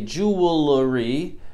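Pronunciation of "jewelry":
'Jewelry' is pronounced incorrectly here.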